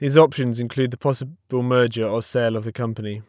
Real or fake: real